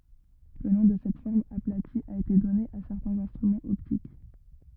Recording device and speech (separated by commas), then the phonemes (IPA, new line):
rigid in-ear microphone, read sentence
lə nɔ̃ də sɛt fɔʁm aplati a ete dɔne a sɛʁtɛ̃z ɛ̃stʁymɑ̃z ɔptik